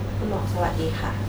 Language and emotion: Thai, neutral